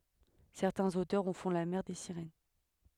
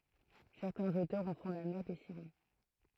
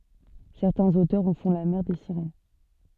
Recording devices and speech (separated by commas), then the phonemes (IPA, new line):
headset microphone, throat microphone, soft in-ear microphone, read sentence
sɛʁtɛ̃z otœʁz ɑ̃ fɔ̃ la mɛʁ de siʁɛn